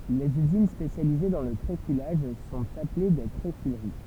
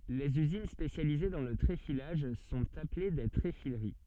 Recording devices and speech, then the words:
temple vibration pickup, soft in-ear microphone, read sentence
Les usines spécialisées dans le tréfilage sont appelées des tréfileries.

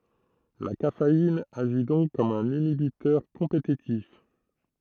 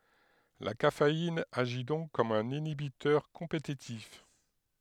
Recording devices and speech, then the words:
throat microphone, headset microphone, read sentence
La caféine agit donc comme un inhibiteur compétitif.

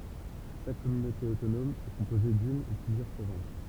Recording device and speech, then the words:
temple vibration pickup, read sentence
Chaque communauté autonome est composée d'une ou plusieurs provinces.

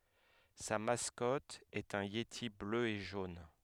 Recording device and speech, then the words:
headset microphone, read sentence
Sa mascotte est un yéti bleu et jaune.

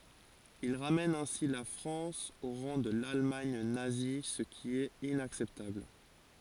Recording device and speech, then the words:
forehead accelerometer, read sentence
Il ramène ainsi la France au rang de l’Allemagne nazie ce qui est inacceptable.

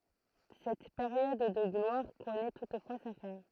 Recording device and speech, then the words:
throat microphone, read sentence
Cette période de gloire connaît toutefois sa fin.

